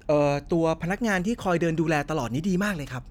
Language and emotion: Thai, happy